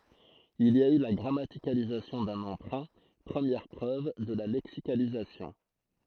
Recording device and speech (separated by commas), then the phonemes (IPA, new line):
throat microphone, read sentence
il i a y la ɡʁamatikalizasjɔ̃ dœ̃n ɑ̃pʁœ̃ pʁəmjɛʁ pʁøv də la lɛksikalizasjɔ̃